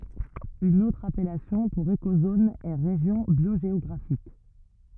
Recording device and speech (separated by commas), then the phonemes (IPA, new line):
rigid in-ear microphone, read sentence
yn otʁ apɛlasjɔ̃ puʁ ekozon ɛ ʁeʒjɔ̃ bjoʒeɔɡʁafik